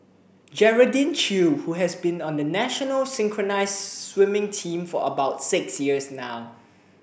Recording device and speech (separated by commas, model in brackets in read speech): boundary microphone (BM630), read sentence